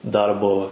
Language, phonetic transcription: Lithuanian, ˈdarbo

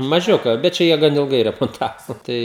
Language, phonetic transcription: Lithuanian, maˈžiuka bet ˈčia jie ˈgan ilˈgai remonˈtavo ˈtai

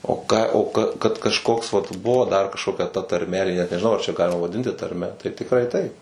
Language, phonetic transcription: Lithuanian, o ką o ˈka kad kažˈkoks vat ˈbuvo dar kažkoˈkia ta tarˈme nežiˈnau ją ar čia ˈgalima vaˈdinti tarˈme tai tikˈrai ˈtaip

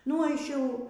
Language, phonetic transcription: Lithuanian, nu ˈaš ˈjau

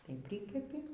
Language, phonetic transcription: Lithuanian, tai ˈprikepi

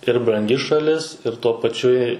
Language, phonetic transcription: Lithuanian, ir branˈgi šaˈlis ir tuo paˈčiu i

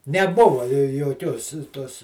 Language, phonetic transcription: Lithuanian, neˈbuva joˈkios ˈtos

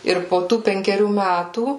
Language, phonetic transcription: Lithuanian, ˈir po ˈtų penkeˈrių ˈmætų

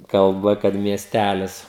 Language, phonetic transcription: Lithuanian, kalˈba kad mieˈstælis

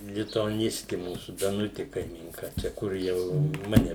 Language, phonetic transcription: Lithuanian, lituaˈnisti ˈmūsų daˈnuti kaimynˈka ˈčia ˈkur jau ˈmane

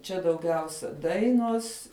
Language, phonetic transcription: Lithuanian, ˈčia dauˈgiausia ˈdainuos

